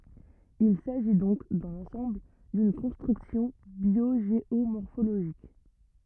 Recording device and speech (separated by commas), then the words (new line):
rigid in-ear microphone, read sentence
Il s'agit donc, dans l'ensemble, d'une construction biogéomorphologique.